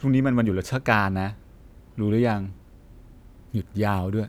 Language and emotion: Thai, neutral